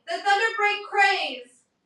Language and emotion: English, neutral